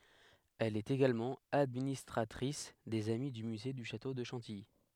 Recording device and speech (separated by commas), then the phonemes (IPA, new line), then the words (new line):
headset microphone, read sentence
ɛl ɛt eɡalmɑ̃ administʁatʁis dez ami dy myze dy ʃato də ʃɑ̃tiji
Elle est également administratrice des Amis du Musée du château de Chantilly.